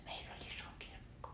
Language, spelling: Finnish, meillä oli iso kirkko
- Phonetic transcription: 'meil ‿oĺ "iso 'kirkko .

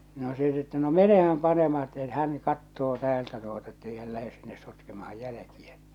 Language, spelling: Finnish, no se sitten että no menehän panemaan että se hän katsoo täältä tuota että ei hän lähde sinne sotkemaan jälkiä
- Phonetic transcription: no 'se sit että no "menehäm 'panemaa että se "hän̳ 'kattoo 'täältä tuota ettei häl 'lähe sinnes̆ 'sotkemahaj 'jäläkiä .

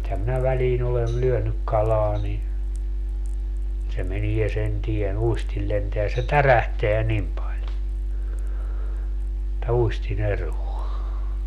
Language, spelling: Finnish, nythän minä väliin olen lyönyt kalaa niin se menee sen tien uistin lentää se tärähtää niin paljon että uistin eroaa
- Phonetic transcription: (nyt)häm minä 'väliin ‿olel "lyönyk 'kalaa ni , se 'menie 'sen 'tie"n ‿uistil lenteä se "tärähteä 'nim paĺ , (et)tä 'uisti'n ‿eruo .

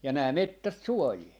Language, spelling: Finnish, ja nämä metsät suojaa
- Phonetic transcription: ja nää "mettät "suojii .

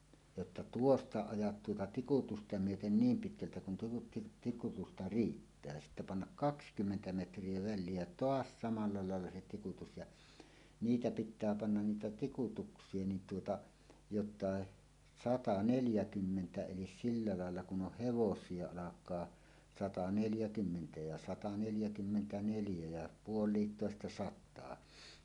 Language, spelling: Finnish, jotta tuosta ajat tuota tikutusta myöten niin pitkältä kun tuota tikutusta riittää sitten panna kaksikymmentä metriä väliä ja taas samalla lailla se tikutus ja niitä pitää panna niitä tikutuksia niin tuota jotta sata neljäkymmentä eli sillä lailla kun on hevosia alkaa sata neljäkymmentä ja sata neljäkymmentäneljä ja puolikintoista sataa
- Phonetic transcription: jotta » "tuosta 'ajat tuota tikutusta myöten "niim 'pitkältä kun tuota tik-'tikutusta "riittää « sittä pannak "kakskymmentä 'metr̀ie vä̆llie ja "toas 'samalla 'làella se 'tikutus ja , "niitä 'pit̆tää 'pannan 'niitä "tikutuks̀ie nin tuota , jot̆tàe 'sata 'neljäkymmentä elis silla làella kun 'oh "hevos̀ie 'alak̀aa , 'sata "neljä'kymmentä ja 'sata 'neljäkymmentä"neljä jä "puol̀iittòesta "sat̆taa .

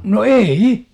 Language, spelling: Finnish, no ei
- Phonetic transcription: no "ei₍'i !

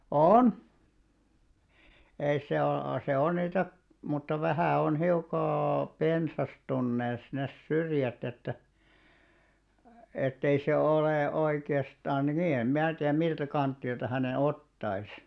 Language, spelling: Finnish, on ei se ole se on niitä mutta vähän on hiukka pensastuneet ne syrjät että että ei se ole oikeastaan niin en minä tiedä miltä kantilta hänen ottaisi
- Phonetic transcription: òn , ei 'se o- , se 'on 'niitä , mutta 'vähä̀ on hiuk̆ka , "pensastunnees 'nes 'syrjät ‿että , ettei se 'olè 'oike₍astaan 'nii em "mää tiäm miltä 'kanttilta häne "ottais .

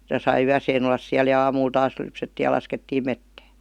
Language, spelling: Finnish, sitä sai yön olla siellä ja aamulla taas lypsettiin ja laskettiin metsään
- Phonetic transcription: (si)tä sai "yäseen ‿ollas 'siäl ja "aamuul taas 'lypsettii ja 'laskettiim "mettää .

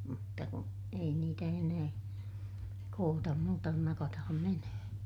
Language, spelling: Finnish, mutta kun ei niitä enää koota muuta kuin nakataan menemään
- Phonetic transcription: mutta ku , ei niitä enää , kootam muuta kun nakataham menöhön̬ .

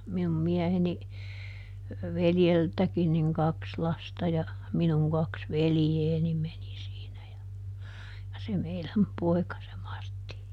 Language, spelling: Finnish, minun mieheni veljeltäkin niin kaksi lasta ja minun kaksi veljeäni meni siinä ja ja se meidän poika se Martti
- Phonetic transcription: minum ˈmiɛheni , "veljeltäkin niŋ "kaks ˈlasta ja , "minuŋ ˈkaks "velⁱjeeni meni siinä ja , ja se ˈmeiläm "poi̮ka se ˈMartti .

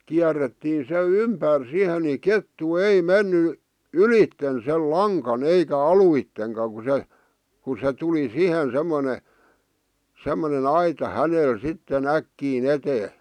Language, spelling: Finnish, kierrettiin se ympäri siihen niin kettu ei mennyt ylitse sen langan eikä alitsekaan kun se kun se tuli siihen semmoinen semmoinen aita hänelle sitten äkkiä eteen
- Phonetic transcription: 'kiärettiin se "ympär sihe ni "kettu "ei "menny , "ylitten sel "laŋkan 'eikä "aluitteŋka ku se , ku se 'tuli "sihen 'semmone , 'semmone"n ‿aita 'hänel 'sitten "äkkii"n ‿etee .

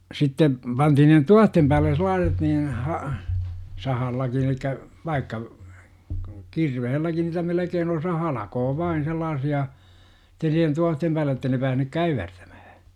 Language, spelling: Finnish, sitten pantiin ne tuohien päälle sellaiset niin - sahallakin eli vaikka kirveelläkin niitä melkein osa halkoo vain sellaisia että siihen tuohien päälle jotta ei ne päässyt käyvertämään
- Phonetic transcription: 'sitte , pantihin ne "tuahtem pääl̆le 'sel̆laaset niin , ha- , 'sahallakin elikkä , vaikka , 'kirvehelläki niitä 'melekeen osa "halakoo vain 'sellaasi₍a , -tä siihen 'tuohtem päälle jottei ne päähnyk "käyvertÄMÄHÄ .

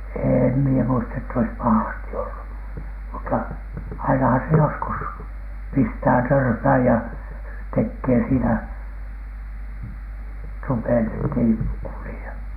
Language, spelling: Finnish, en minä muista että olisi pahasti ollut mutta ainahan se joskus pistää törmään ja tekee siinä tupet että ei kulje
- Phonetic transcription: eem mie muista ett ‿ois "pahasti 'ollu , mutta ainahan se 'joskus pistää "törmhä̀j ja 'tekkee siinä , "tupet ettei , kulⁱje .

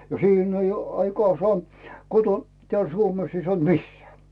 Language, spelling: Finnish, no siinä on jo aikaan saa kotona täällä Suomessa ei saanut missään
- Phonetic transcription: no 'siin ‿oj jo , 'aikoaa sᵒaa koton , teäl 'Suomes ei 'sᵒant "misseä .

